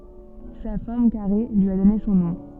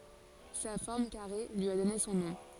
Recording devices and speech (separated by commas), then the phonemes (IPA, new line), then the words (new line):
soft in-ear microphone, forehead accelerometer, read sentence
sa fɔʁm kaʁe lyi a dɔne sɔ̃ nɔ̃
Sa forme carrée lui a donné son nom.